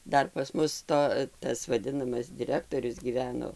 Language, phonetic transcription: Lithuanian, ˈdar pas ˈmus ˈto ˈtas vaˈdinamas diˈrektorius gyˈveno

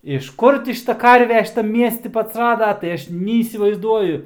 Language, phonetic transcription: Lithuanian, iš ˈkur ti ˈšita ˈkarve šiˈtam ˈmiesti ti atsˈrada tai ˈaš neįsivaizˈduoju

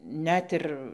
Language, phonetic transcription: Lithuanian, ˈnet ir

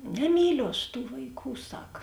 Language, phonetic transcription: Lithuanian, neˈmyliu aš tų vaiˈkų ˈsak

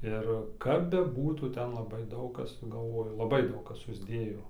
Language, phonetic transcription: Lithuanian, ˈir kap beˈbūtų ˈten laˈbai ˈdaug ˈkas galˈvoju laˈbai ˈdaug ˈkas susˈdėjo

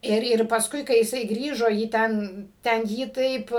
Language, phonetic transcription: Lithuanian, ˈir ir pasˈkui kai jiˈsai ˈgrįžo jį ˈten ten ˈjį ˈtaip

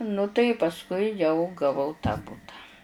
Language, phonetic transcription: Lithuanian, nu tai pasˈkui jau gaˈvau tą ˈbuta

